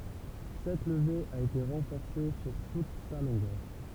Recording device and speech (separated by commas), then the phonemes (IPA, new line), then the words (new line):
temple vibration pickup, read sentence
sɛt ləve a ete ʁɑ̃fɔʁse syʁ tut sa lɔ̃ɡœʁ
Cette levée a été renforcée sur toute sa longueur.